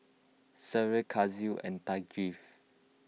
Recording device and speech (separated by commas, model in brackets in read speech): mobile phone (iPhone 6), read sentence